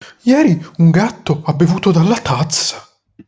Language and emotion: Italian, surprised